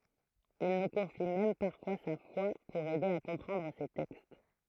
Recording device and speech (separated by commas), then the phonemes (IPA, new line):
throat microphone, read sentence
il nu kɔ̃fi mɛm paʁfwa sa fwa puʁ ɛde a kɔ̃pʁɑ̃dʁ se tɛkst